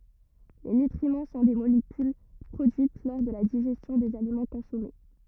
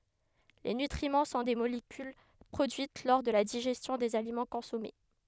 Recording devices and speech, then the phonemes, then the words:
rigid in-ear microphone, headset microphone, read sentence
le nytʁimɑ̃ sɔ̃ de molekyl pʁodyit lɔʁ də la diʒɛstjɔ̃ dez alimɑ̃ kɔ̃sɔme
Les nutriments sont des molécules produites lors de la digestion des aliments consommés.

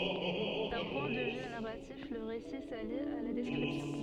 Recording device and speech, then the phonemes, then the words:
soft in-ear microphone, read sentence
dœ̃ pwɛ̃ də vy naʁatif lə ʁesi sali a la dɛskʁipsjɔ̃
D'un point de vue narratif, le récit s'allie à la description.

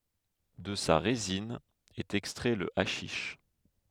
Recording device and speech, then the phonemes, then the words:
headset microphone, read sentence
də sa ʁezin ɛt ɛkstʁɛ lə aʃiʃ
De sa résine est extrait le haschisch.

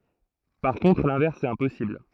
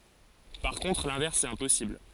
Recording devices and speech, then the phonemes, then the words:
throat microphone, forehead accelerometer, read sentence
paʁ kɔ̃tʁ lɛ̃vɛʁs ɛt ɛ̃pɔsibl
Par contre, l'inverse est impossible.

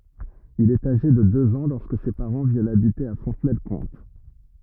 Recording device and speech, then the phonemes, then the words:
rigid in-ear microphone, read sentence
il ɛt aʒe də døz ɑ̃ lɔʁskə se paʁɑ̃ vjɛnt abite a fɔ̃tnɛlkɔ̃t
Il est âgé de deux ans lorsque ses parents viennent habiter à Fontenay-le-Comte.

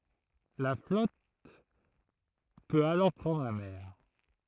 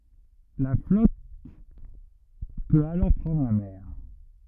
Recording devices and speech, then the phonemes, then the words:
throat microphone, rigid in-ear microphone, read sentence
la flɔt pøt alɔʁ pʁɑ̃dʁ la mɛʁ
La flotte peut alors prendre la mer.

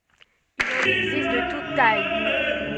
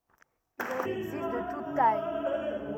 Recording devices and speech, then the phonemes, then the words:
soft in-ear microphone, rigid in-ear microphone, read sentence
il ɑ̃n ɛɡzist də tut taj
Il en existe de toutes tailles.

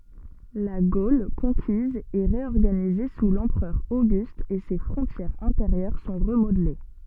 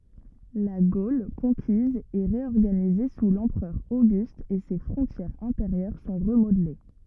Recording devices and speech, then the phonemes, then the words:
soft in-ear microphone, rigid in-ear microphone, read sentence
la ɡol kɔ̃kiz ɛ ʁeɔʁɡanize su lɑ̃pʁœʁ oɡyst e se fʁɔ̃tjɛʁz ɛ̃teʁjœʁ sɔ̃ ʁəmodle
La Gaule conquise est réorganisée sous l’empereur Auguste et ses frontières intérieures sont remodelées.

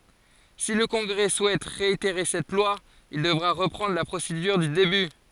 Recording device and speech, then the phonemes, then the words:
forehead accelerometer, read sentence
si lə kɔ̃ɡʁɛ suɛt ʁeiteʁe sɛt lwa il dəvʁa ʁəpʁɑ̃dʁ la pʁosedyʁ dy deby
Si le Congrès souhaite réitérer cette loi, il devra reprendre la procédure du début.

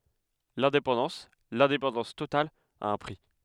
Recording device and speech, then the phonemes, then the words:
headset microphone, read sentence
lɛ̃depɑ̃dɑ̃s lɛ̃depɑ̃dɑ̃s total a œ̃ pʁi
L’indépendance, l’indépendance totale, a un prix.

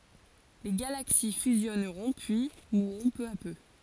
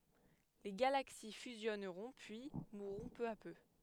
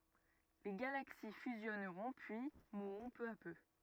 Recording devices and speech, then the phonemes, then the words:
forehead accelerometer, headset microphone, rigid in-ear microphone, read sentence
le ɡalaksi fyzjɔnʁɔ̃ pyi muʁʁɔ̃ pø a pø
Les galaxies fusionneront puis mourront peu à peu.

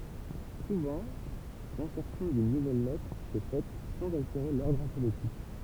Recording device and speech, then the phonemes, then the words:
temple vibration pickup, read sentence
suvɑ̃ lɛ̃sɛʁsjɔ̃ dyn nuvɛl lɛtʁ sɛ fɛt sɑ̃z alteʁe lɔʁdʁ alfabetik
Souvent, l'insertion d'une nouvelle lettre s'est faite sans altérer l'ordre alphabétique.

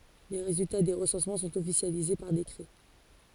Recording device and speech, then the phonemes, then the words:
forehead accelerometer, read sentence
le ʁezylta de ʁəsɑ̃smɑ̃ sɔ̃t ɔfisjalize paʁ dekʁɛ
Les résultats des recensements sont officialisés par décret.

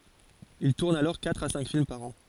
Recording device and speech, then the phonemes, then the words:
forehead accelerometer, read sentence
il tuʁn alɔʁ katʁ a sɛ̃k film paʁ ɑ̃
Il tourne alors quatre à cinq films par an.

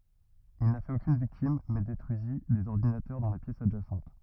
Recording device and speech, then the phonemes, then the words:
rigid in-ear microphone, read sentence
il na fɛt okyn viktim mɛ detʁyizi dez ɔʁdinatœʁ dɑ̃ la pjɛs adʒasɑ̃t
Il n'a fait aucune victime mais détruisit des ordinateurs dans la pièce adjacente.

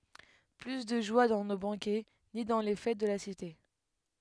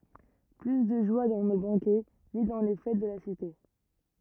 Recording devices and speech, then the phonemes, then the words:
headset microphone, rigid in-ear microphone, read sentence
ply də ʒwa dɑ̃ no bɑ̃kɛ ni dɑ̃ le fɛt də la site
Plus de joie dans nos banquets, ni dans les fêtes de la cité.

